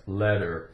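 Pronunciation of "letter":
In 'letter', the t sounds like a single d, not split into two parts like 'led-der'.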